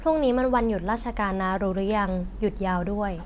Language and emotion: Thai, neutral